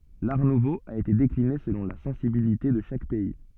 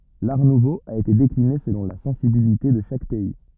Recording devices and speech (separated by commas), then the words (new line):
soft in-ear microphone, rigid in-ear microphone, read sentence
L'Art nouveau a été décliné selon la sensibilité de chaque pays.